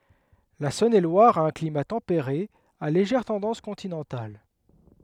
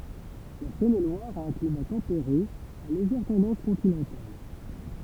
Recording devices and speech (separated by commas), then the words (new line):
headset microphone, temple vibration pickup, read sentence
La Saône-et-Loire a un climat tempéré à légère tendance continentale.